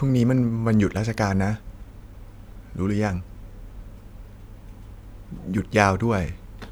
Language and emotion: Thai, frustrated